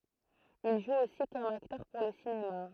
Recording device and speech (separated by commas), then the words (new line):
throat microphone, read sentence
Il joue aussi comme acteur pour le cinéma.